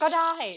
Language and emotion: Thai, neutral